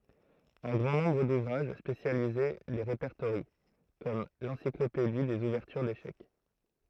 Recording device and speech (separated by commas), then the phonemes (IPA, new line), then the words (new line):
throat microphone, read sentence
œ̃ ɡʁɑ̃ nɔ̃bʁ duvʁaʒ spesjalize le ʁepɛʁtoʁjɑ̃ kɔm lɑ̃siklopedi dez uvɛʁtyʁ deʃɛk
Un grand nombre d'ouvrages spécialisés les répertorient, comme l'Encyclopédie des ouvertures d'échecs.